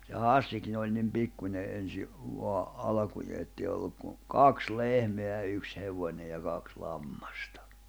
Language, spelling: Finnish, ja Hassikin oli niin pikkuinen ensin vain alkujaan että ei ollut kuin kaksi lehmää ja yksi hevonen ja kaksi lammasta
- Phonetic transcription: ja "Hàssikin ‿oĺ nim 'pikkuńe’ '’ensi , voa , 'alᵃkujee ettèi olluk kun̬ , "kaks 'lehmeä ʲᵃ 'yks 'hevońeʲ ja 'kaks 'lammᴀstᴀ .

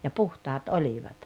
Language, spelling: Finnish, ja puhtaat olivat
- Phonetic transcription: ja "puhtaat "olivat .

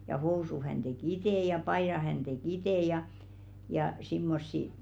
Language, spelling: Finnish, ja housut hän teki itse ja paidat hän teki itse ja ja semmoisia
- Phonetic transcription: ja 'housuʰ hän te"k ‿itè ja 'paiðaʰ hän 'te"k ‿itè ja , ja , simmossi ,.

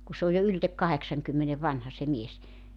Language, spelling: Finnish, kun se on jo ylitse kahdeksankymmenen vanha se mies
- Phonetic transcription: ku 'sᵉ ‿oj jo yltek 'kaheksaŋkymmene 'vanha se 'mies .

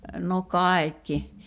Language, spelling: Finnish, no kaikki
- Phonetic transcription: no "kài̬kki .

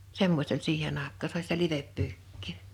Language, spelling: Finnish, semmoista oli siihen aikaan se oli sitä livepyykkiä
- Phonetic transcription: semmośt ‿oĺ "siihen ‿àek̆kaa (se ‿oĺ) sⁱtä 'liveppyykkii .

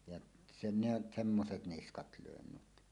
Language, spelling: Finnish, ja se ne semmoiset niskat löin nyt
- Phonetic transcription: jaˀ , se-ne "semmoset "niskat 'lö̀en 'nyt .

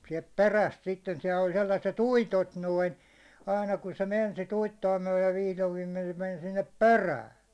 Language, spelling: Finnish, sieltä perästä sitten siellä oli sellaiset uitot noin aina kun se meni sitä uittoa myöden vihdoin viimein se meni sinne perään
- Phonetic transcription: siɛlt "peräst sitten siɛll ‿oĺ sellaset "uitot 'noin̬ , aina kun se 'men sit 'uitto₍a myäₒlen 'vihlov viimen se men sinnep "perää .

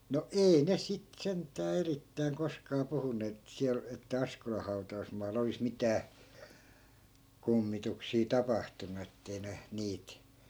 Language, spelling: Finnish, no ei ne sitten sentään erittäin koskaan puhuneet että siellä että Askolan hautausmaalla olisi mitään kummituksia tapahtunut että ei ne niitä
- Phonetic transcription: no "ei ne sit 'sent̆tää 'erittäiŋ koskaa 'puhunneet ‿et siäl , että 'askolah̆ hau̬ta₍usmaal̆lᵃ olis 'mitää , "kummituksii 'tapahtunu ettei ne , 'niit ,.

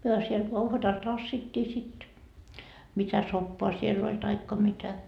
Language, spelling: Finnish, me siellä uhvatalla tassittiin sitten mitä soppaa siellä oli tai mitä
- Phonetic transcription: 'myö siel 'uhvatal 'tassittii sit , mitä 'soppoa siell ‿oĺ taikka 'mitä .

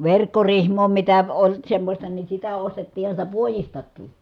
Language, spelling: Finnish, verkkorihmaa mitä oli semmoista niin sitä ostettiinhan sitä puodistakin
- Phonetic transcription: verkkorihmoo mitä , oĺ semmośta ni sitä ostettiiha sitä puojistakkii .

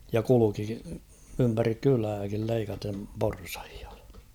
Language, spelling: Finnish, ja kulki ympäri kylääkin leikaten porsaita
- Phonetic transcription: ja 'kuluki ympärik 'kylääkil leikatem 'porsᴀhɪᴀ .

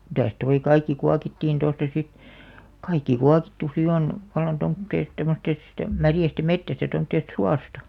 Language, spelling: Finnish, mitäs tuo kaikki kuokittiin tuosta sitten kaikki kuokittu sitten on vallan tuommoisesta tuommoisesta sitten märästä metsästä tuommoisesta suosta
- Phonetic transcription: mitäs toi 'kaikki 'kuakittiin tosta sit , 'kaikki 'kuakittu "si on , vallan 'tomtteest tomᵒttest (sitte) , 'märjästa "mettästä tomtteest "suasta .

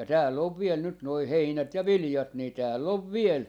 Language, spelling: Finnish, ja täällä on vielä nyt nuo heinät ja viljat niin täällä on vielä
- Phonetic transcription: ja 'tääl'l ‿ov 'viel 'nyt noi 'heinät ja "vilⁱjat ni 'tääl'l ‿ov "viel ,.

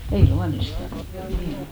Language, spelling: Finnish, ei luonnistanut kyllä niin on
- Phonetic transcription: 'ei 'luanistannᴜ , kyl 'niin ‿o .

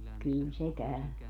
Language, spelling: Finnish, kyllä se käy
- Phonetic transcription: 'kỳl se 'käö .

